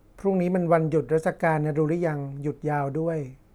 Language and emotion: Thai, neutral